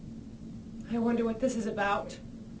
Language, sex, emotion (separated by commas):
English, female, fearful